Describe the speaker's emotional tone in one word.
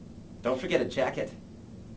neutral